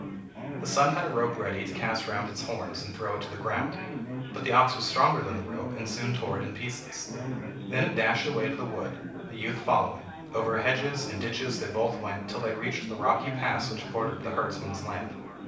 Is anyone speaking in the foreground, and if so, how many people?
One person.